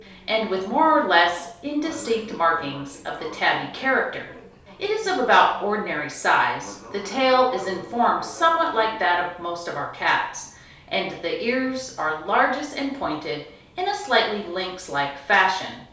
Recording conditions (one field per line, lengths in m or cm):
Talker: one person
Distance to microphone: 3.0 m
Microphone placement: far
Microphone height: 1.8 m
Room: small (3.7 m by 2.7 m)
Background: television